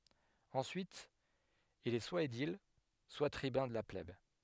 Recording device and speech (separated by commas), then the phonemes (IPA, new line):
headset microphone, read sentence
ɑ̃syit il ɛ swa edil swa tʁibœ̃ də la plɛb